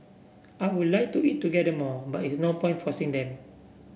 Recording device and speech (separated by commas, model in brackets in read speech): boundary microphone (BM630), read sentence